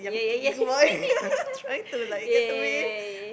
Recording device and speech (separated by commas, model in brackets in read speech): boundary microphone, conversation in the same room